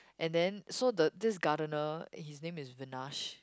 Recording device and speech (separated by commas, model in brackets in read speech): close-talking microphone, conversation in the same room